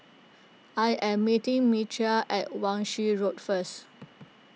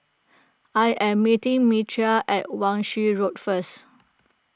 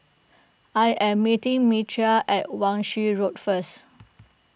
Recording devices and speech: mobile phone (iPhone 6), close-talking microphone (WH20), boundary microphone (BM630), read sentence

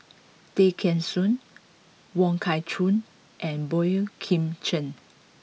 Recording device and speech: mobile phone (iPhone 6), read sentence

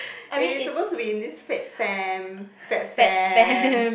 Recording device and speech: boundary microphone, conversation in the same room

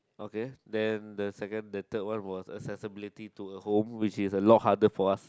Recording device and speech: close-talking microphone, conversation in the same room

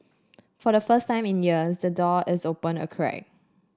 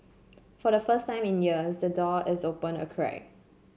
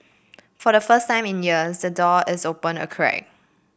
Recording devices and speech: standing microphone (AKG C214), mobile phone (Samsung C7), boundary microphone (BM630), read sentence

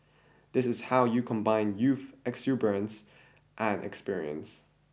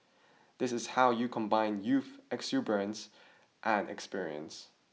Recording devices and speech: boundary microphone (BM630), mobile phone (iPhone 6), read sentence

